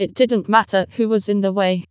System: TTS, vocoder